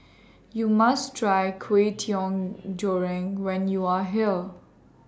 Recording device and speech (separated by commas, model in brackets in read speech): standing microphone (AKG C214), read sentence